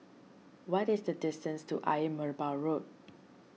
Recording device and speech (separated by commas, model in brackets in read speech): mobile phone (iPhone 6), read sentence